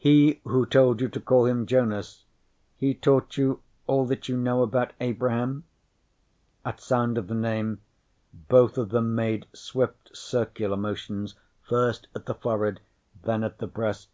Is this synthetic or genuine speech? genuine